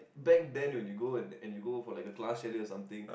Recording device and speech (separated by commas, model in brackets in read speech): boundary microphone, conversation in the same room